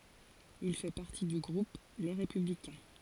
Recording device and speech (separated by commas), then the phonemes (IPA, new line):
forehead accelerometer, read sentence
il fɛ paʁti dy ɡʁup le ʁepyblikɛ̃